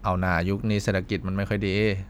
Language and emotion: Thai, neutral